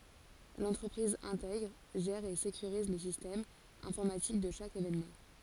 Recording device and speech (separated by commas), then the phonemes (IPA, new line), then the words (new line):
forehead accelerometer, read sentence
lɑ̃tʁəpʁiz ɛ̃tɛɡʁ ʒɛʁ e sekyʁiz lə sistɛm ɛ̃fɔʁmatik də ʃak evenmɑ̃
L'entreprise intègre, gère et sécurise le système informatique de chaque événement.